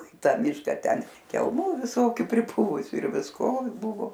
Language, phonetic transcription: Lithuanian, i ˈta ˈmiška ˈten kelˈmų viˈsokių priˈpuvusiu ir visˈko ˈbuvo

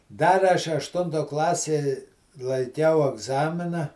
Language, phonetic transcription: Lithuanian, ˈdar aš ašˈtunto ˈklasė laiˈkiau agˈzamina

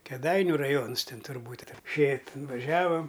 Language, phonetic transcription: Lithuanian, keˈdainiu raˈjons ˈtin turˈbūt' ˈšė tin vaˈžiavam

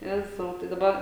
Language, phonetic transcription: Lithuanian, ˈjezau tai daˈba

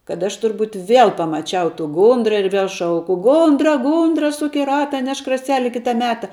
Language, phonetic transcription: Lithuanian, kad ˈaš turˈbūt vėl pamaˈčiau tų ˈgundra ir viel ˈšauku ˈgundra ˈgundra ˈsuk i ˈrata ˈnešk raˈseli ˈkita ˈmeta

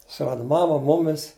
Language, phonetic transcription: Lithuanian, suˈrada ˈmama ˈmumis

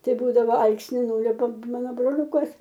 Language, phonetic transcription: Lithuanian, ˈtai ˈbūdavo ˈalksni ˈnūliupam ˈmano broˈliūkas

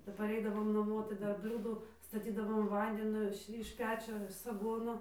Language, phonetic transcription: Lithuanian, kap paˈreidavom naˈmuo tai ˈdar ˈbliūdu staˈtydavom ˈvandinio iš iš ˈpečio saˈgono

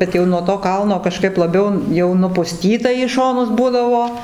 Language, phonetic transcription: Lithuanian, ˈbet jau nuo to ˈkalno kaˈžkaip laˈbiau jau nupuˈstyta į ˈšonus ˈbūdavo

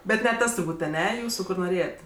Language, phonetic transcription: Lithuanian, ˈbet ne ˈtas turˈbūt' aˈne ˈjūsu ˈkur noˈrėjet'

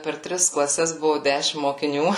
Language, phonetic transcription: Lithuanian, per ˈtris klaˈses ˈbuvu ˈdæšim mokiˈnių

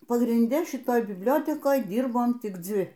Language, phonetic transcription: Lithuanian, pagrinˈde šiˈtoj bibˈliotekoj ˈdyrbom tik ˈdzi

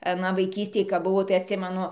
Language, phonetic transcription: Lithuanian, aˈna vaiˈkystėj kap ˈbuvo tai atˈsimenu

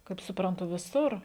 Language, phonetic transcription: Lithuanian, kaip supranˈtu viˈsur

